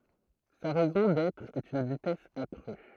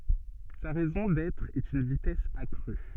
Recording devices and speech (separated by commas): throat microphone, soft in-ear microphone, read sentence